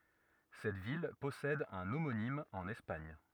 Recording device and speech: rigid in-ear microphone, read sentence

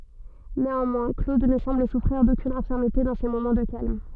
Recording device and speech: soft in-ear microphone, read sentence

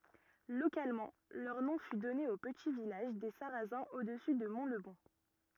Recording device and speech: rigid in-ear microphone, read sentence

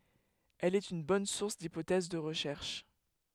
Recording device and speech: headset microphone, read sentence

